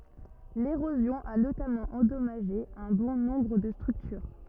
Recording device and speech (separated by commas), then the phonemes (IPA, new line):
rigid in-ear microphone, read sentence
leʁozjɔ̃ a notamɑ̃ ɑ̃dɔmaʒe œ̃ bɔ̃ nɔ̃bʁ də stʁyktyʁ